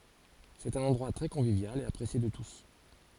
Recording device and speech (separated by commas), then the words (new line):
forehead accelerometer, read sentence
C'est un endroit très convivial et apprécié de tous!